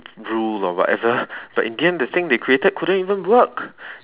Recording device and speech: telephone, conversation in separate rooms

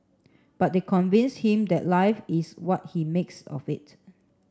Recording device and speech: standing microphone (AKG C214), read sentence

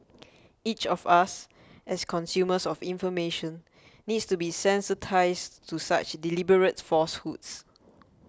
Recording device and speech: close-talking microphone (WH20), read sentence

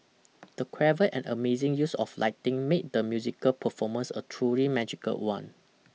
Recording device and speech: mobile phone (iPhone 6), read sentence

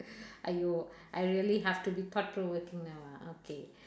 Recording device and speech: standing microphone, conversation in separate rooms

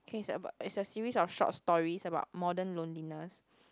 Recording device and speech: close-talking microphone, conversation in the same room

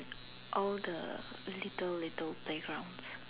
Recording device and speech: telephone, conversation in separate rooms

